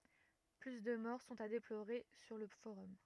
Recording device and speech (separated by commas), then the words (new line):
rigid in-ear microphone, read sentence
Plus de morts sont à déplorer sur le Forum.